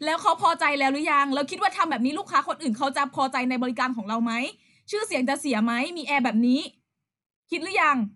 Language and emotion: Thai, angry